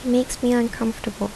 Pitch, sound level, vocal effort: 230 Hz, 75 dB SPL, soft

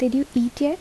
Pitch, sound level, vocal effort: 270 Hz, 75 dB SPL, soft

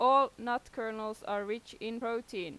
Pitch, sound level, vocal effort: 230 Hz, 93 dB SPL, very loud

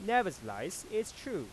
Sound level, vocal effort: 95 dB SPL, normal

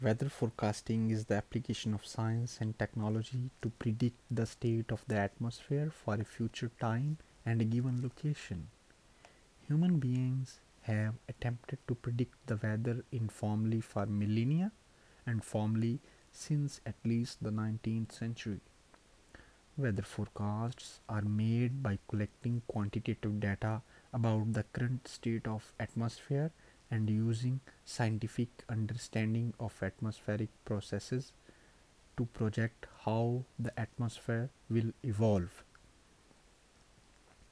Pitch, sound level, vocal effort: 115 Hz, 74 dB SPL, soft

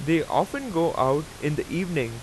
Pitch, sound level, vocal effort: 155 Hz, 90 dB SPL, loud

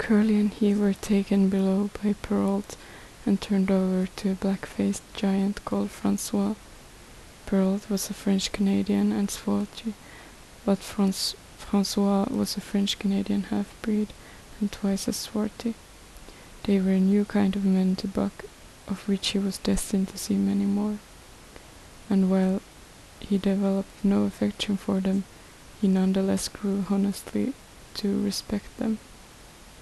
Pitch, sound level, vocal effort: 200 Hz, 71 dB SPL, soft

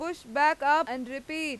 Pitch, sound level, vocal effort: 300 Hz, 97 dB SPL, very loud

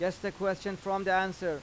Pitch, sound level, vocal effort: 190 Hz, 94 dB SPL, loud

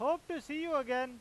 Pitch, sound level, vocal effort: 295 Hz, 100 dB SPL, loud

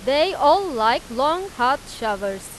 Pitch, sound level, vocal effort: 260 Hz, 97 dB SPL, very loud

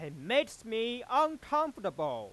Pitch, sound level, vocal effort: 240 Hz, 102 dB SPL, very loud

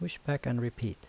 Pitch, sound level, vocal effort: 120 Hz, 76 dB SPL, soft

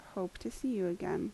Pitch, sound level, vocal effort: 190 Hz, 77 dB SPL, soft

